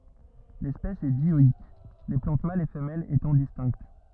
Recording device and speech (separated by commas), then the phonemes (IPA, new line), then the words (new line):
rigid in-ear microphone, read sentence
lɛspɛs ɛ djɔik le plɑ̃t malz e fəmɛlz etɑ̃ distɛ̃kt
L'espèce est dioïque, les plantes mâles et femelles étant distinctes.